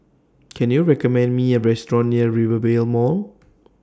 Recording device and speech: standing microphone (AKG C214), read sentence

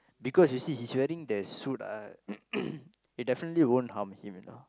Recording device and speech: close-talking microphone, conversation in the same room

